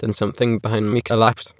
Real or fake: fake